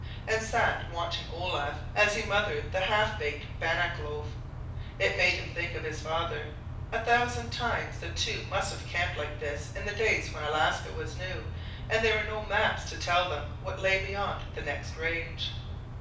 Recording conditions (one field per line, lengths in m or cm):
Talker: one person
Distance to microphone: 5.8 m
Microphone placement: far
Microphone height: 1.8 m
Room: medium-sized (5.7 m by 4.0 m)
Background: none